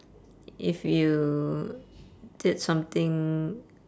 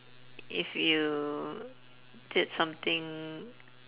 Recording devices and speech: standing microphone, telephone, conversation in separate rooms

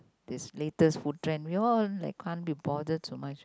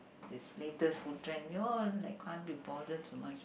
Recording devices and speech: close-talking microphone, boundary microphone, conversation in the same room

